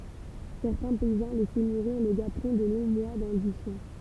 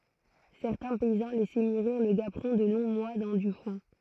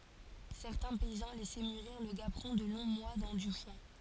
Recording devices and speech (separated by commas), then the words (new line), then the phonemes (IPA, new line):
temple vibration pickup, throat microphone, forehead accelerometer, read sentence
Certains paysans laissaient mûrir le gaperon de longs mois dans du foin.
sɛʁtɛ̃ pɛizɑ̃ lɛsɛ myʁiʁ lə ɡapʁɔ̃ də lɔ̃ mwa dɑ̃ dy fwɛ̃